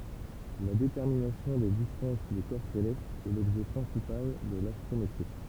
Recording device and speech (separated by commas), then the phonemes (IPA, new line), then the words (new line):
temple vibration pickup, read sentence
la detɛʁminasjɔ̃ de distɑ̃s de kɔʁ selɛstz ɛ lɔbʒɛ pʁɛ̃sipal də lastʁometʁi
La détermination des distances des corps célestes est l’objet principal de l’astrométrie.